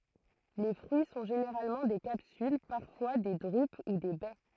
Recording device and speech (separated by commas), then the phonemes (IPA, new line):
throat microphone, read sentence
le fʁyi sɔ̃ ʒeneʁalmɑ̃ de kapsyl paʁfwa de dʁyp u de bɛ